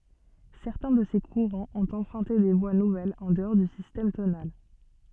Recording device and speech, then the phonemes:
soft in-ear microphone, read sentence
sɛʁtɛ̃ də se kuʁɑ̃z ɔ̃t ɑ̃pʁœ̃te de vwa nuvɛlz ɑ̃ dəɔʁ dy sistɛm tonal

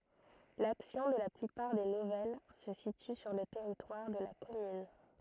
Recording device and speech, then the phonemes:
throat microphone, read sentence
laksjɔ̃ də la plypaʁ de nuvɛl sə sity syʁ lə tɛʁitwaʁ də la kɔmyn

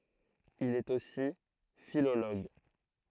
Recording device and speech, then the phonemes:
throat microphone, read sentence
il ɛt osi filoloɡ

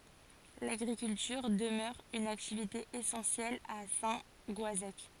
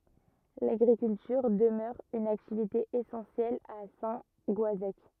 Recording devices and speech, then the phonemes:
forehead accelerometer, rigid in-ear microphone, read sentence
laɡʁikyltyʁ dəmœʁ yn aktivite esɑ̃sjɛl a sɛ̃ ɡɔazɛk

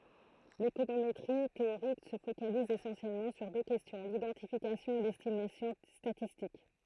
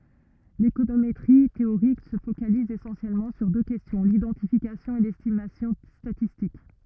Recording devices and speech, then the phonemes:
throat microphone, rigid in-ear microphone, read sentence
lekonometʁi teoʁik sə fokaliz esɑ̃sjɛlmɑ̃ syʁ dø kɛstjɔ̃ lidɑ̃tifikasjɔ̃ e lɛstimasjɔ̃ statistik

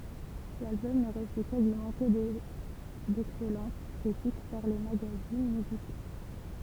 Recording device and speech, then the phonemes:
temple vibration pickup, read sentence
lalbɔm nə ʁəsy kazimɑ̃ kə dɛksɛlɑ̃t kʁitik paʁ le maɡazin myziko

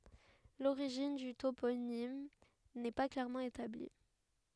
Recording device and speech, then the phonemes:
headset microphone, read sentence
loʁiʒin dy toponim nɛ pa klɛʁmɑ̃ etabli

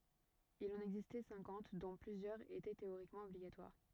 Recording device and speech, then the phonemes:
rigid in-ear microphone, read sentence
il ɑ̃n ɛɡzistɛ sɛ̃kɑ̃t dɔ̃ plyzjœʁz etɛ teoʁikmɑ̃ ɔbliɡatwaʁ

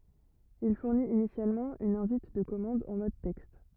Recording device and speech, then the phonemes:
rigid in-ear microphone, read sentence
il fuʁnit inisjalmɑ̃ yn ɛ̃vit də kɔmɑ̃d ɑ̃ mɔd tɛkst

